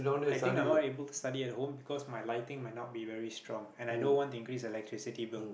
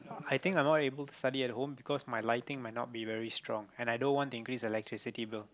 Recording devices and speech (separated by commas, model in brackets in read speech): boundary microphone, close-talking microphone, conversation in the same room